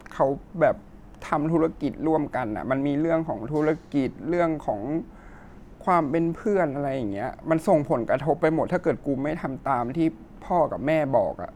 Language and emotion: Thai, sad